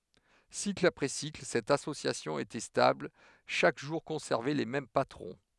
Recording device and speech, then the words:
headset microphone, read sentence
Cycle après cycle, cette association était stable, chaque jour conservait les mêmes patrons.

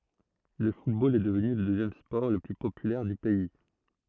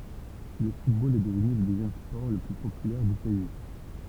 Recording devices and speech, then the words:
throat microphone, temple vibration pickup, read sentence
Le football est devenu le deuxième sport le plus populaire du pays.

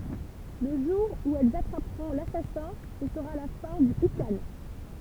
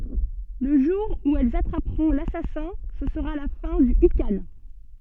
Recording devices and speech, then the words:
temple vibration pickup, soft in-ear microphone, read sentence
Le jour où elles attraperont l'assassin, ce sera la fin du ikhan.

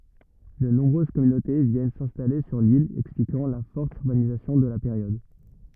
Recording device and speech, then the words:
rigid in-ear microphone, read sentence
De nombreuses communautés viennent s’installer sur l’île, expliquant la forte urbanisation de la période.

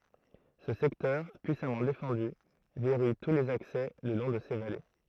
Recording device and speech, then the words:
throat microphone, read sentence
Ce secteur puissamment défendu verrouille tous les accès le long de ces vallées.

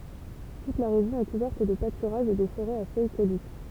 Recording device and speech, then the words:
temple vibration pickup, read sentence
Toute la région est couverte de pâturages et de forêts à feuilles caduques.

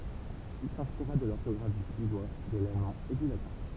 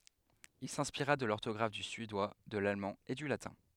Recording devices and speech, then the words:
temple vibration pickup, headset microphone, read sentence
Il s'inspira de l'orthographe du suédois, de l'allemand et du latin.

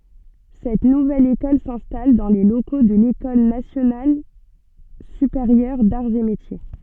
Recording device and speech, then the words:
soft in-ear microphone, read sentence
Cette nouvelle école s’installe dans les locaux de l’École nationale supérieure d'arts et métiers.

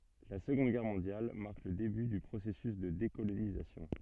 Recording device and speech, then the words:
soft in-ear microphone, read sentence
La Seconde Guerre mondiale marque le début du processus de décolonisation.

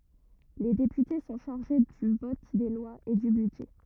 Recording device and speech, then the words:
rigid in-ear microphone, read sentence
Les députés sont chargés du vote des lois et du budget.

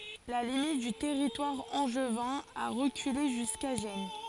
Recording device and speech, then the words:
forehead accelerometer, read sentence
La limite du territoire angevin a reculé jusqu'à Gennes.

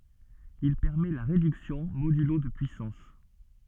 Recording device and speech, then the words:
soft in-ear microphone, read sentence
Il permet la réduction modulo de puissances.

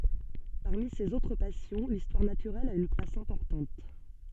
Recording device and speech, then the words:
soft in-ear microphone, read sentence
Parmi ses autres passions, l'histoire naturelle a une place importante.

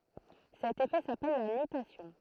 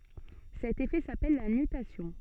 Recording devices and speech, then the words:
throat microphone, soft in-ear microphone, read sentence
Cet effet s'appelle la nutation.

